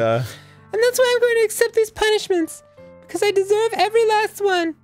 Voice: Falsetto